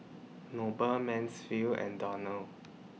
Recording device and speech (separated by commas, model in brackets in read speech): mobile phone (iPhone 6), read sentence